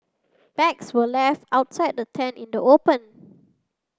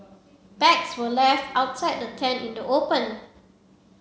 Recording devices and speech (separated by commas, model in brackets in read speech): standing microphone (AKG C214), mobile phone (Samsung C7), read sentence